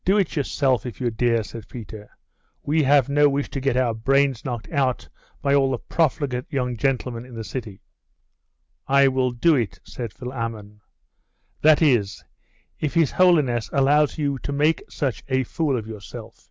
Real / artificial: real